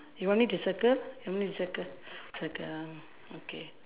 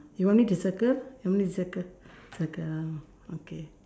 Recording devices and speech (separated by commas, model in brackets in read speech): telephone, standing microphone, conversation in separate rooms